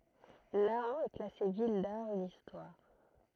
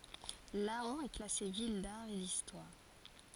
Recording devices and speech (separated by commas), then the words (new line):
throat microphone, forehead accelerometer, read sentence
Laon est classée ville d'art et d'histoire.